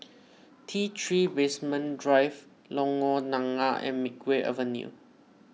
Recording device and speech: mobile phone (iPhone 6), read sentence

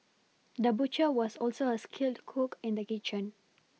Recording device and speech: mobile phone (iPhone 6), read sentence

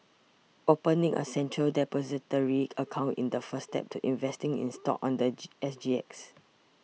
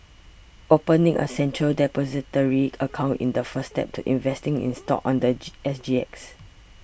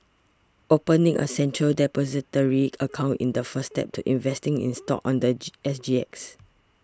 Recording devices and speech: mobile phone (iPhone 6), boundary microphone (BM630), standing microphone (AKG C214), read sentence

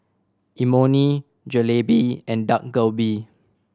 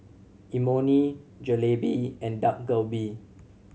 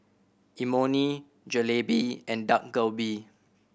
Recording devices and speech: standing microphone (AKG C214), mobile phone (Samsung C7100), boundary microphone (BM630), read sentence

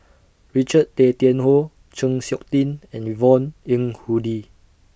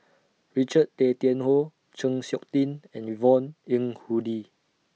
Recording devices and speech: boundary microphone (BM630), mobile phone (iPhone 6), read sentence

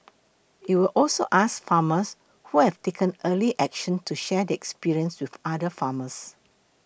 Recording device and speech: boundary microphone (BM630), read sentence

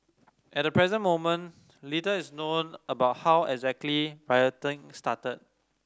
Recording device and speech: standing microphone (AKG C214), read sentence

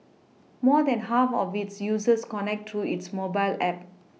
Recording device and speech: mobile phone (iPhone 6), read sentence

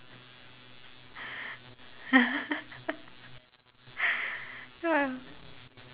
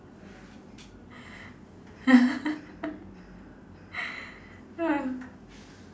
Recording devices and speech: telephone, standing microphone, conversation in separate rooms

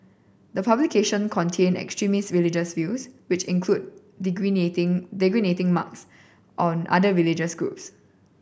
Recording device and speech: boundary microphone (BM630), read sentence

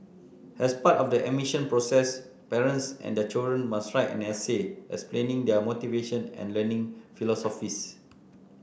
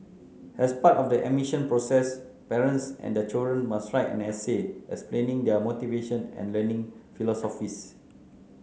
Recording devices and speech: boundary microphone (BM630), mobile phone (Samsung C9), read sentence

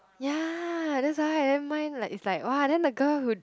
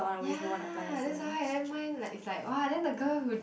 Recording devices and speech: close-talking microphone, boundary microphone, conversation in the same room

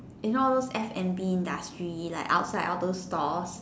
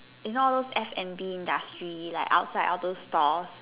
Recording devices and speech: standing microphone, telephone, conversation in separate rooms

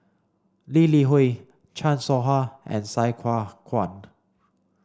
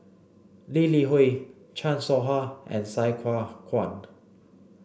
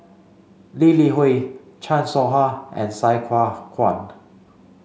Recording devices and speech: standing microphone (AKG C214), boundary microphone (BM630), mobile phone (Samsung C5), read sentence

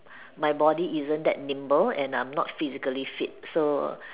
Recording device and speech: telephone, conversation in separate rooms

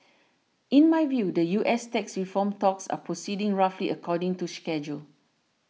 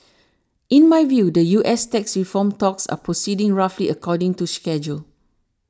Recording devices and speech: mobile phone (iPhone 6), standing microphone (AKG C214), read sentence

